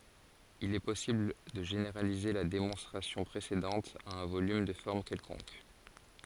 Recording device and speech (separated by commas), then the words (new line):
forehead accelerometer, read sentence
Il est possible de généraliser la démonstration précédente à un volume de forme quelconque.